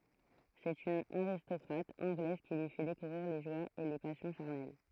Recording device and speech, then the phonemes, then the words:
throat microphone, read sentence
sɛt yn aʁistɔkʁat ɑ̃ɡlɛz ki lyi fɛ dekuvʁiʁ le ʒwaz e le pasjɔ̃ ʃaʁnɛl
C'est une aristocrate anglaise qui lui fait découvrir les joies et les passions charnelles.

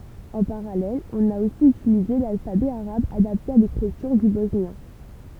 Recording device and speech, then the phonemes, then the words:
temple vibration pickup, read sentence
ɑ̃ paʁalɛl ɔ̃n a osi ytilize lalfabɛ aʁab adapte a lekʁityʁ dy bɔsnjɛ̃
En parallèle, on a aussi utilisé l’alphabet arabe adapté à l’écriture du bosnien.

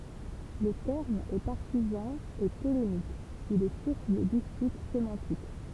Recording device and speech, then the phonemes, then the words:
temple vibration pickup, read sentence
lə tɛʁm ɛ paʁtizɑ̃ e polemik il ɛ suʁs də dispyt semɑ̃tik
Le terme est partisan et polémique, il est source de disputes sémantiques.

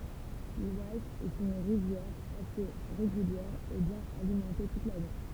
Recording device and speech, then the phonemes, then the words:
temple vibration pickup, read sentence
lwaz ɛt yn ʁivjɛʁ ase ʁeɡyljɛʁ e bjɛ̃n alimɑ̃te tut lane
L'Oise est une rivière assez régulière et bien alimentée toute l'année.

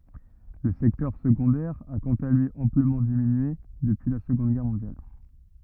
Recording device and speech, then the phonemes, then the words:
rigid in-ear microphone, read sentence
lə sɛktœʁ səɡɔ̃dɛʁ a kɑ̃t a lyi ɑ̃pləmɑ̃ diminye dəpyi la səɡɔ̃d ɡɛʁ mɔ̃djal
Le secteur secondaire a, quant à lui, amplement diminué depuis la Seconde Guerre mondiale.

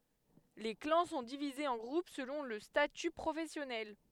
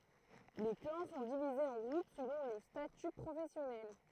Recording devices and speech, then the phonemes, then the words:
headset microphone, throat microphone, read sentence
le klɑ̃ sɔ̃ divizez ɑ̃ ɡʁup səlɔ̃ lə staty pʁofɛsjɔnɛl
Les clans sont divisés en groupes selon le statut professionnel.

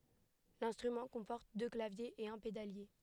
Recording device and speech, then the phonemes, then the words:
headset microphone, read sentence
lɛ̃stʁymɑ̃ kɔ̃pɔʁt dø klavjez e œ̃ pedalje
L'instrument comporte deux claviers et un pédalier.

